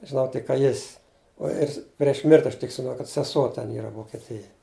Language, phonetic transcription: Lithuanian, žiˈnau tik ka ˈjis' uo ˈjis prieš ˈmirti aš tik kad seˈsuo ˈten ˈyra vokeˈtijej

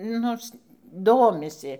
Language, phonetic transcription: Lithuanian, ˈnors ˈdomisi

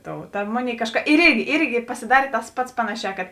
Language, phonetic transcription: Lithuanian, ˈtou ta ˈmoˌnėi ˈkažˌka ir ˈirgi ˈirgi pasiˈdarė tas ˈpats ˈpanaˌšē kad

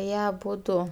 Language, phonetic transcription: Lithuanian, ˈjie aˈbudu

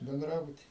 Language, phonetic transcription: Lithuanian, benˈdrabuty

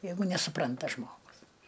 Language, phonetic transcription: Lithuanian, ˈjeigu nesuˈpranta ˈžmogus

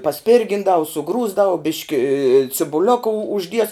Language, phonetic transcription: Lithuanian, paˈspirgindavu suˈgrūsdavu ˈbiški cibuˈlioka u užˈdies

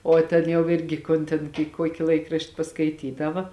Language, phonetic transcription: Lithuanian, o ˈtėn jau ˈirgi ˈkon tėn ki ˈkuoki ˈlaikrašti paskaiˈtydava

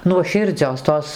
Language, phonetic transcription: Lithuanian, nuoˈširdzios ˈtos

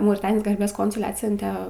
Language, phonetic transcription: Lithuanian, mauriˈtanijos garˈbės ˈkonsule ˈatsiunte

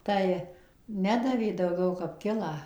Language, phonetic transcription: Lithuanian, ˈtai ˈnedavė dauˈgiau kap ˈkilą

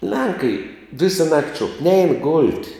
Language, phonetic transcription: Lithuanian, ˈlenkai ˈvisa nakt' šuok nein golt'

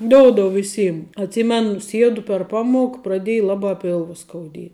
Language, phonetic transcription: Lithuanian, ˈdoudou viˈsym atˈsymenu ˈsiedu per ˈpamuok praˈdėj ˈlabā ˈpilva skauˈdie

